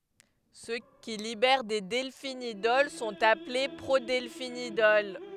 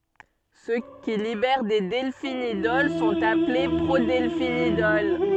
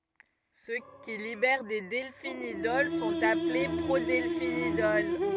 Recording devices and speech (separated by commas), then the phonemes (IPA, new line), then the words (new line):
headset microphone, soft in-ear microphone, rigid in-ear microphone, read sentence
sø ki libɛʁ de dɛlfinidɔl sɔ̃t aple pʁodɛlfinidɔl
Ceux qui libèrent des delphinidols sont appelés prodelphinidols.